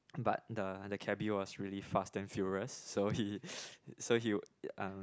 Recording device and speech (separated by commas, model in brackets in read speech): close-talking microphone, conversation in the same room